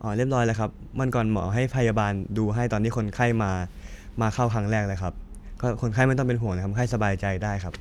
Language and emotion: Thai, neutral